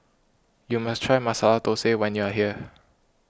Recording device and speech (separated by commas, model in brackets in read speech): close-talking microphone (WH20), read sentence